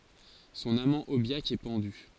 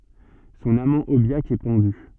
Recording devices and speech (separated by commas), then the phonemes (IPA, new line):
forehead accelerometer, soft in-ear microphone, read sentence
sɔ̃n amɑ̃ objak ɛ pɑ̃dy